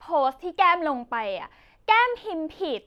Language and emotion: Thai, frustrated